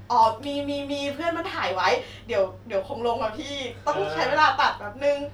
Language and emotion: Thai, happy